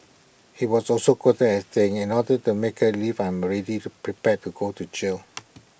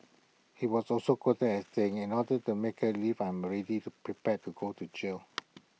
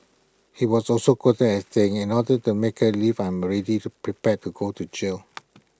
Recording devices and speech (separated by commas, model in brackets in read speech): boundary microphone (BM630), mobile phone (iPhone 6), close-talking microphone (WH20), read sentence